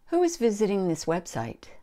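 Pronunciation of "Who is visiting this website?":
'Who' is higher in pitch than the rest of the sentence. In 'website', 'web' is a little more stressed, and the pitch drops on 'site' at the end.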